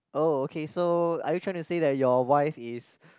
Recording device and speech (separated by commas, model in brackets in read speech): close-talking microphone, conversation in the same room